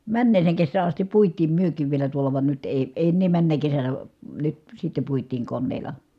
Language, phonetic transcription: Finnish, männeeseeŋ kessää astip puit̆tiim myök̀iiv vielä tuola van nyt èi , èi̮ ennee männä kesänä , nyt sitte puit̀iiŋ konneela .
- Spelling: menneeseen kesään asti puitiin mekin vielä tuolla vaan nyt ei ei enää menneenä kesänä nyt sitten puitiin koneella

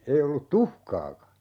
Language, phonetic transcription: Finnish, 'ei ollut "tuhkaaka .
- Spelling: ei ollut tuhkaakaan

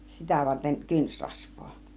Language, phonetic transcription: Finnish, 'sitä varteŋ 'kynsrasv̆voo .
- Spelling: sitä varten kynsirasvaa

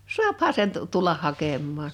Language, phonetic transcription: Finnish, suapha 'sen tu- , 'tullah 'hakemmaan .
- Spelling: saahan sen - tulla hakemaan

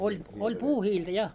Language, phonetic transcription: Finnish, oĺ , oĺ "puuhiiltä 'ja .
- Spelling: oli oli puuhiiltä ja

